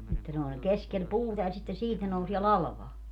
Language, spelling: Finnish, että ne oli keskellä puuta ja sitten siitä ne nousee latvaan
- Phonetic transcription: että ne oĺ 'keskel "puuta ja sitten 'siit ne nousie "lalᵃvaa .

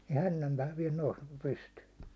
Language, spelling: Finnish, ja hännänpää vielä nousi pystyyn
- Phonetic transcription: ja 'hännämpää viɛl nous , 'pystyy .

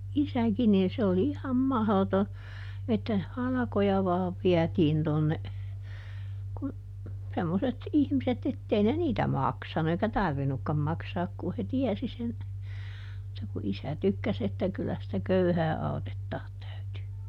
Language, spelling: Finnish, isäkin niin se oli ihan mahdoton että halkoja vain vietiin tuonne kun semmoiset ihmiset että ei ne niitä maksanut eikä tarvinnutkaan maksaa kun he tiesi sen mutta kun isä tykkäsi että kyllä sitä köyhää autettaa täytyy
- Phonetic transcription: "isäkin niin se oli iham ˈmahloto , että , "halᵃkoja ˈvaav ˈviätiin tonne , kun , ˈsemmoset ˈihmiset ettei ne "niitä ˈmaksanu eikä "tarvinukkam ˈmaksaak kuh he ˈtiɛsi sen , mutta ku ˈisä ˈtykkäs ‿että kyllä sⁱtä "köyhää ˈautettaat ˈtäytyy .

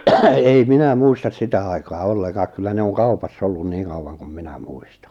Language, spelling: Finnish, ei minä muista sitä aikaa ollenkaan kyllä ne on kaupassa ollut niin kauan kuin minä muistan
- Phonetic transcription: 'ei "minä 'muistas "sitä aikaa 'ollekaak kyllä ne on 'kaupas's ‿ollun 'niiŋ kauwaŋ kum 'minä "muistᴀ .

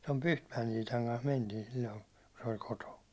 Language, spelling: Finnish, tuon Pyhtmäen Iitan kanssa mentiin silloin kun se oli kotona
- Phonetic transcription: tom "Pyhtmäjen 'Iitaŋ kans 'mentiin̬ sil̜l̜oin̬ , ku se oĺ 'kotoon̬ .

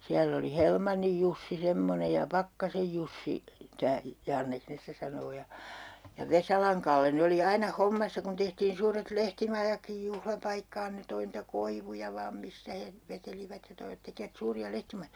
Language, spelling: Finnish, siellä oli Helmannin Jussi semmoinen ja Pakkasen Jussi tämä Janneksi ne sitä sanoo ja Vesalan Kalle ne oli aina hommassa kun tehtiin suuret lehtimajatkin juhlapaikkaan ne toi niitä koivuja vain mistä he vetelivät ja toivat tekivät suuria lehtimajoja
- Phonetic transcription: 'siäll ‿oli "Helmannij Jussi 'semmone ja "Pakkasej Jussi , 'tää , 'Janneks 'ne stä 'sanoo ja , "Vesalaŋ Kalle 'ne oli 'aina 'hommassa kun 'tehtiin 'suuret "lehtimajakkij 'juhlapaikkaan 'ne toi nitä 'koivuja 'vaam "mistä he , 'vetelivät ja 'toivᵃt 'tekivät 'suuri₍a "lehtimajojA .

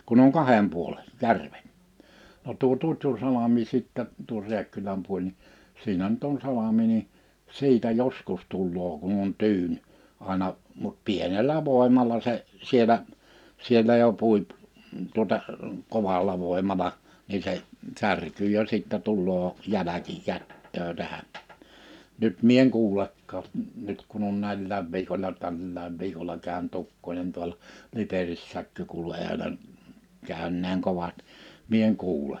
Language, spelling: Finnish, kun on kahden puolen järvet no tuo Tutjunsalmi sitten tuo Rääkkylän puoli niin siinä nyt on salmi niin siitä joskus tulee kun on tyyni aina mutta pienellä voimalla se siellä siellä jo pui - tuota kovalla voimalla niin se särkyy jo sitten tulee jälkikäteen tähän nyt minä en kuulekaan nyt kun on näillä viikolla tällä viikolla käynyt ukkonen tuolla Liperissäkö kuului olen käyneen kovat minä en kuule
- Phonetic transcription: 'kun ‿oŋ "kahem puolen̬ , "järvet , no tuo 'Tutjunsalami 'sittä , 'tuor 'Riäkkyläm 'puoĺ ni , 'siinä nyt ‿on 'salami ni , 'siitä "joskus 'tullookun ‿on 'tyyn , 'àena , mut 'pienel̀ä 'vòemala se , 'sielä , 'siellä jo 'pùip , m̥ tuᵒta , 'koval̀a 'vòimala , nii se , 'särkyy jo sittä 'tul̆loo , 'jäläkikät̀tö̳ö̳ 'tähän , 'nyt mie eŋ 'kuulekkaa , 'nyt kun ‿on 'näillääv viikoĺla 'tällääv viikola 'kä̀ö̭n't ‿ukkońen 'tual(a) , 'Liperissääkkö kuulu 'èölen , 'kä̀önneeŋ 'kovat , 'mie eŋ 'kuule .

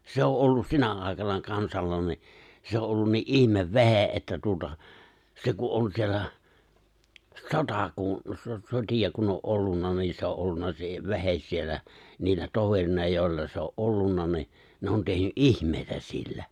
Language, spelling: Finnish, se on ollut sinä aikana kansalla niin se on ollut niin ihmevehje että tuota se kun on siellä sota kun - sotia kun on ollut niin se on ollut se vehje siellä niillä toverina joilla se on ollut niin ne on tehnyt ihmeitä sillä
- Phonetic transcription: 'se ‿o’ ’ollus 'sinä ài̬kana 'kansalla ni , 'se o’ ’ollun nii’ '’ihmevve̬he’ ’että tuota , se ku’ ’on 'siellä , "sota kun , so- 'soti₍a kun o’ '’ollunna ni se o’ '’ollunna se 've̬hes 'siellä , niillä 'toverina jòi̬lla se o’ '’ollunna ni , ne on 'tehny’ "’ihm̀èitä sillä .

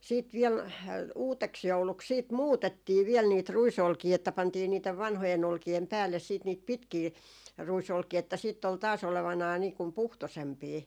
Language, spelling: Finnish, sitten vielä uudeksi jouluksi sitten muutettiin vielä niitä ruisolkia että pantiin niiden vanhojen olkien päälle sitten niitä pitkiä ruisolkia että sitten oli taas olevinaan niin kuin puhtoisempia
- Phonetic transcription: siit viɛl , "uuteks'jouluks siit "muutettii viɛl niit 'ruisolkii että pantii niitev 'vanhojen 'olki₍em 'päälles siit niit "pitkii , 'ruisolkii että sìtt ‿ol taas ‿olevanai nii kum "puhtosempii .

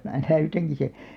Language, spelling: Finnish, minä näytänkin sen
- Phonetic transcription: mää 'näytäŋki se .

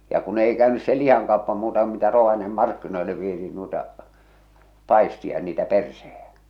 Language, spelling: Finnish, ja kun ei käynyt se lihakauppa muuta kuin mitä Rovaniemen markkinoille vietiin noita paisteja ja niitä perseitä
- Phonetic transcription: ja ku'n ‿ei kä̀önys se "lih̬aŋkaoppa muuta ku mitä 'Rovaniemem 'markkinoille vietiin nuita , 'pàistia ja niitä 'perseheᴊᴀ̈ .

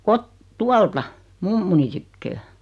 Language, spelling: Finnish, - tuolta mummoni tyköä
- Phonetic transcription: 'kot- , 'tualta , 'mummuni tykköö .

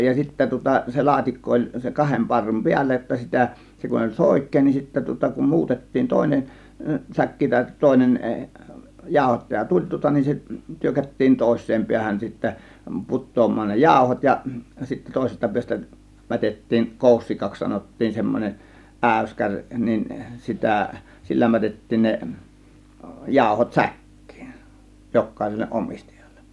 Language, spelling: Finnish, ja sitten tuota se laatikko oli se kahden parrun päällä jotta sitä se kun oli soikea niin sitten tuota kun muutettiin toinen säkki tai toinen jauhottaja tuli tuota niin se tyrkättiin toiseen päähän sitten putoamaan ne jauhot ja sitten toisesta päästä mätettiin koussikaksi sanottiin semmoinen äyskäri niin sitä sillä mätettiin ne jauhot säkkiin jokaiselle omistajalle
- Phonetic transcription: ja 'sittä tŭŏta se 'laatikko oĺ se 'kahem parrum "piällä jotta 'sitä̀ , 'se kun oĺ "sòik̆kee nin sittä tŭŏta kum "muutettiin 'tòėnen , 'säkki tàėt 'tòėnen , 'jáȯhottaja "tuĺ tŭŏta nin se , 'tyrkättiin 'tòės̆seem 'piähän sittä , "put̆toom̆maan ne "jàȯhot ja , sittä 'tòėsesta 'piäs̆tä , 'mätet̀tiin , "kòussikaks 'sanottiin , 'semmon͕eˀ "ˀä̀yskäŕ nin 'sitä̀ , "sillä 'mätettiin ne , 'jàȯhot "säk̀kIIN , 'jokkàėselleˀ 'ˀomistajALLEN .

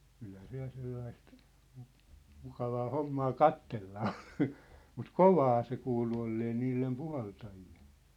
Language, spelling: Finnish, kyllähän se ja sellaista - mukavaa hommaa katsella on mutta kovaa se kuului olleen niille puhaltajille
- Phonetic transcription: 'kylhä se ja 'sellaist , mŭ- , 'mukavaa 'hommaa "kattella 'on , mut "kovaa se 'kuulu ollee 'niillem "puhaltajilʟᴇ .

